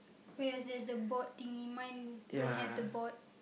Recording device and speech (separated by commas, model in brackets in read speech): boundary microphone, conversation in the same room